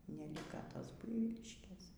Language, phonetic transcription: Lithuanian, neˈlika ˈtos ˈbuivyliškės

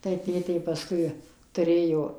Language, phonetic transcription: Lithuanian, tai ˈtėtė paˈskui tuˈrėjo

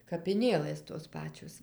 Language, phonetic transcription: Lithuanian, kapiˈnėlɘs tos ˈpačios

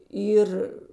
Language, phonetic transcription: Lithuanian, ˈyr

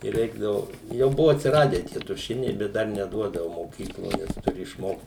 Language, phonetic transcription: Lithuanian, i ˈreikdavu jau ˈbuvo atsiˈradę ˈtie tuˈšiniai ˈbet ˈdar neˈduodavu moˈkyklo ˈnes tuˈri išˈmokt

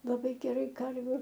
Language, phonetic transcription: Lithuanian, laˈbai geˈrai ˈkarviu

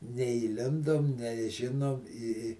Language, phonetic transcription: Lithuanian, neįˈlindom neˈžinom i i

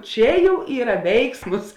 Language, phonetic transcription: Lithuanian, ˈčia ˈjau ˈyra ˈveiksmus

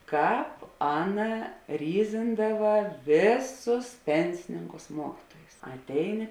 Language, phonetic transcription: Lithuanian, ˈkāp ˈaˌna ˈryzindava ˈvėˌsus ˈpensininkus ˈmuokituojus atˈeiˌni

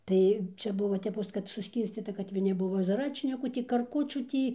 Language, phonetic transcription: Lithuanian, ˈtai ˈčia ˈbuvo teˈpos kad suˈskyrscyta kad viˈni ˈbuvo zaˈračnikų ˈtį karˈkučių ˈtį

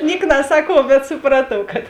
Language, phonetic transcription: Lithuanian, ˈniek naˈsakuov bet suˈpratuov kad

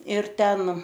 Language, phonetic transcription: Lithuanian, ir ˈten

